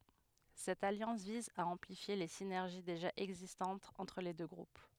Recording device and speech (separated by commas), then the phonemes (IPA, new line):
headset microphone, read sentence
sɛt aljɑ̃s viz a ɑ̃plifje le sinɛʁʒi deʒa ɛɡzistɑ̃tz ɑ̃tʁ le dø ɡʁup